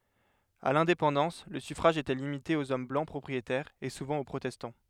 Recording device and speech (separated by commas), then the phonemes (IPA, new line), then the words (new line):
headset microphone, read sentence
a lɛ̃depɑ̃dɑ̃s lə syfʁaʒ etɛ limite oz ɔm blɑ̃ pʁɔpʁietɛʁz e suvɑ̃ o pʁotɛstɑ̃
À l'indépendance, le suffrage était limité aux hommes blancs propriétaires, et souvent aux protestants.